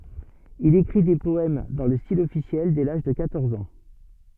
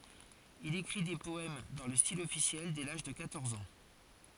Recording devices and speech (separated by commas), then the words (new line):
soft in-ear microphone, forehead accelerometer, read sentence
Il écrit des poèmes dans le style officiel dès l'âge de quatorze ans.